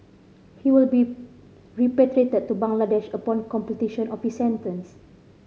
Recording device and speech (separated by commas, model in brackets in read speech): mobile phone (Samsung C5010), read sentence